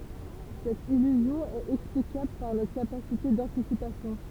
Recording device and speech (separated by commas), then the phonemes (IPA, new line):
temple vibration pickup, read sentence
sɛt ilyzjɔ̃ ɛt ɛksplikabl paʁ notʁ kapasite dɑ̃tisipasjɔ̃